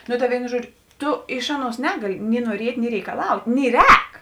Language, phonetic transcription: Lithuanian, nu ta ˈvėinu ˈžuodžiu ˈtu ˈiš ˈaˌnuos ˈnegali ni nuoˈriet' ni reikaˈlaut' ni ˈrēk

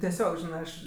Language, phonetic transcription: Lithuanian, tieˈsiog ˈžinɜ ˈaš

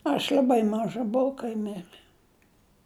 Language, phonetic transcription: Lithuanian, aš l'aˈbai ˈmaža buˈvau kai ˈmirɘ

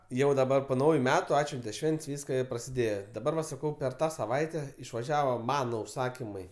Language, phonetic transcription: Lithuanian, jau daˈbar po ˈnauju ˈmetu ˈatšvente ˈšvent's' ˈvyska i prasiˈdėje daˈbar va saˈkau per ˈtą saˈvaite išvaˈžiavo ˈmano užˈsakimai

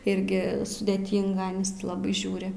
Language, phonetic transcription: Lithuanian, ˈirgi sudėˈtynga ˈanis ti ˈlabai ˈžiūri

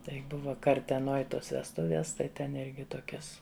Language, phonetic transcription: Lithuanian, ˈtai ˈbuva karteˈnoj ˈtos vesˈtuvies tai ˈten ˈirgi ˈtokias

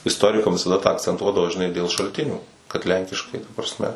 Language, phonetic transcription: Lithuanian, isˈtorikam visaˈda tą akcenˈtuodavo žiˈnai dėl šalˈtinių kad ˈlenkiškai ta prasˈme

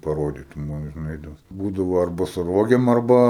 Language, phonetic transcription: Lithuanian, paˈrodytum ˈva ir nuˈeidavo ˈbūdavo arˈba su ˈrogėm arˈba

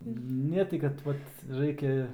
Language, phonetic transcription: Lithuanian, ˈne tai kad ˈvat ˈraikia

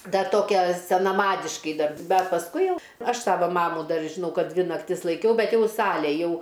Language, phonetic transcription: Lithuanian, ˈdar ˈtokia senaˈmadiškai ˈdar ˈbet pasˈkui ˈjau ˈaš ˈsava ˈmamų ˈdar žiˈnau ˈkad ˈdvi nakˈtis laiˈkiau ˈbet ˈjau ˈsalė ˈjau

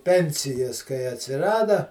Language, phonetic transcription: Lithuanian, ˈpensijas kai atsiˈrada

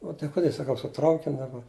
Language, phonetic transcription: Lithuanian, u tai ˈkude saˈkau su ˈtraukin' daˈba

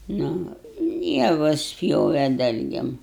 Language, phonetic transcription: Lithuanian, ˈnu ˈjavus ˈpjove ˈdalgėm

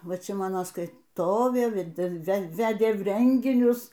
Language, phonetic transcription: Lithuanian, ˈva ˈčia ˈmano skaiˈtovė ˈvedil veˈvedė ˈrenginius

